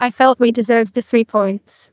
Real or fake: fake